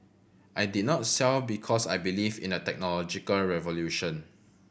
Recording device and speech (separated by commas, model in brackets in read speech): boundary microphone (BM630), read sentence